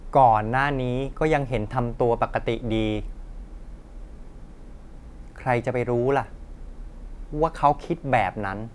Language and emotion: Thai, frustrated